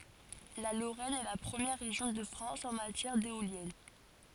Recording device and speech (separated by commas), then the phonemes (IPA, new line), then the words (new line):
forehead accelerometer, read sentence
la loʁɛn ɛ la pʁəmjɛʁ ʁeʒjɔ̃ də fʁɑ̃s ɑ̃ matjɛʁ deoljɛn
La Lorraine est la première région de France en matière d'éoliennes.